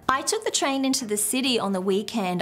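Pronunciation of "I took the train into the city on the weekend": The intonation goes down at the end of the sentence, falling on 'weekend'.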